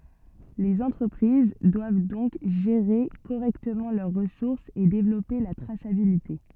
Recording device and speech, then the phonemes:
soft in-ear microphone, read sentence
lez ɑ̃tʁəpʁiz dwav dɔ̃k ʒeʁe koʁɛktəmɑ̃ lœʁ ʁəsuʁsz e devlɔpe la tʁasabilite

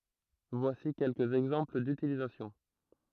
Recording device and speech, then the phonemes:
throat microphone, read sentence
vwasi kɛlkəz ɛɡzɑ̃pl dytilizasjɔ̃

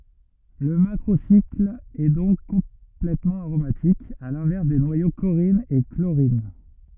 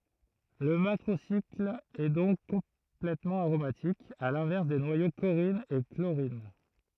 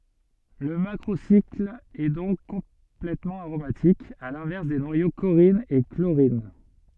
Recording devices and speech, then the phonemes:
rigid in-ear microphone, throat microphone, soft in-ear microphone, read sentence
lə makʁosikl ɛ dɔ̃k kɔ̃plɛtmɑ̃ aʁomatik a lɛ̃vɛʁs de nwajo koʁin e kloʁin

